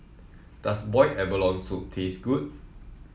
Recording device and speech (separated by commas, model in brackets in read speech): mobile phone (iPhone 7), read sentence